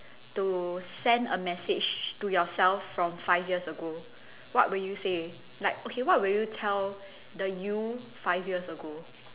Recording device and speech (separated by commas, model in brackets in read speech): telephone, conversation in separate rooms